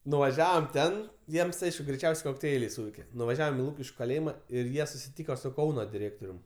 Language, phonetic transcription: Lithuanian, nuvaˈžiavom ˈten ˈjiems ˈaišku greiˈčiausiai kokˈteiliai ˈsūveike nuvaˈžiavom i ˈlūkiškiu kaˈlėjima ir ˈjie susiˈtyko su ˈkauno diˈrėktorium

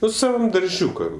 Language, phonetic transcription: Lithuanian, ˈnu saˈvam darˈžiūkam

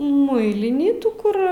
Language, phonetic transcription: Lithuanian, ˈmuilinį ˈtų kur

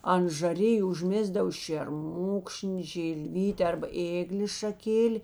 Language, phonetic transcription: Lithuanian, ant žaˈriju užˈmėsdav šėrˈmukšni žilˈvyti arba ˈėglės šaˈkėli

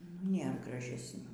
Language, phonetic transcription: Lithuanian, nu ˈnėr gražesˈnių

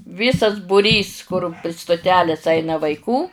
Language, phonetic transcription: Lithuanian, ˈvysas buˈrys kur pri stuˈtelės ˈaina vaiˈkų

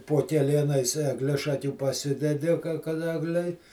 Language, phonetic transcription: Lithuanian, po keˈlienais egˈlišakių paˈsidedi ka kad ˈeglei

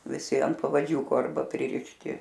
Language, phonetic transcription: Lithuanian, viˈsi ant pavaˈdžiūko ˈarba pririšˈti

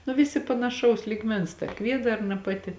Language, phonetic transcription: Lithuanian, nu ˈvisi panaˈšaus lyˈgmens ta ˈkviedarna ˈpaˌti

